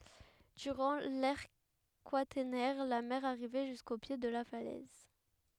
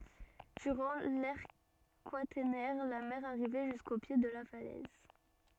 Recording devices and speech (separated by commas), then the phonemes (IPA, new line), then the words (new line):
headset microphone, soft in-ear microphone, read sentence
dyʁɑ̃ lɛʁ kwatɛʁnɛʁ la mɛʁ aʁivɛ ʒysko pje də la falɛz
Durant l’ère quaternaire, la mer arrivait jusqu’au pied de la falaise.